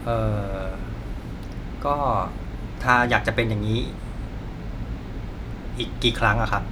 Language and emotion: Thai, frustrated